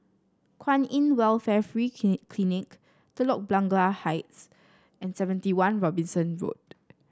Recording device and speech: standing microphone (AKG C214), read sentence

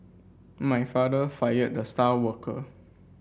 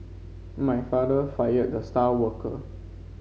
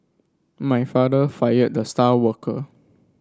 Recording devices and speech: boundary microphone (BM630), mobile phone (Samsung C5), standing microphone (AKG C214), read sentence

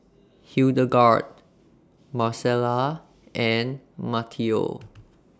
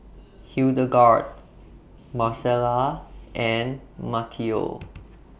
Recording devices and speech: standing microphone (AKG C214), boundary microphone (BM630), read sentence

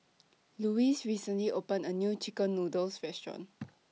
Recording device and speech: mobile phone (iPhone 6), read sentence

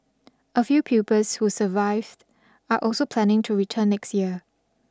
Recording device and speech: standing microphone (AKG C214), read sentence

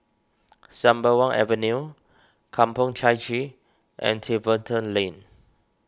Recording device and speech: standing microphone (AKG C214), read sentence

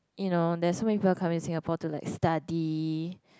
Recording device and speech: close-talking microphone, conversation in the same room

